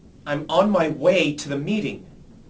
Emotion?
angry